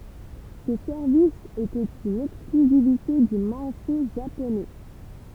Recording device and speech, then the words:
temple vibration pickup, read sentence
Ce service était une exclusivité du marché japonais.

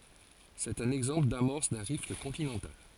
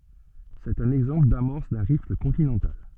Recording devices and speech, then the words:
forehead accelerometer, soft in-ear microphone, read sentence
C'est un exemple d'amorce d'un rift continental.

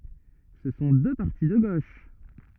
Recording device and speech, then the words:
rigid in-ear microphone, read sentence
Ce sont deux partis de gauche.

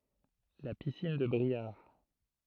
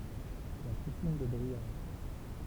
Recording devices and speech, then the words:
throat microphone, temple vibration pickup, read sentence
La piscine de Briare.

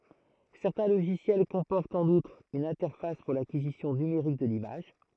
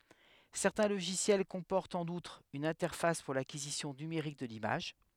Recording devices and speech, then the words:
throat microphone, headset microphone, read sentence
Certains logiciels comportent, en outre, une interface pour l'acquisition numérique de l'image.

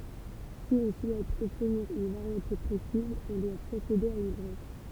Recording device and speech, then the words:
temple vibration pickup, read sentence
Si on souhaite obtenir une variété précise, on doit procéder à une greffe.

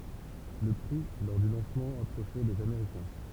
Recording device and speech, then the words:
temple vibration pickup, read sentence
Le prix lors du lancement approchait les américain.

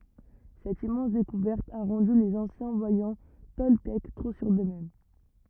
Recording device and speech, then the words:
rigid in-ear microphone, read sentence
Cette immense découverte a rendu les anciens voyants toltèques trop sûrs d'eux-mêmes.

